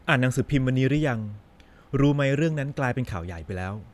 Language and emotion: Thai, neutral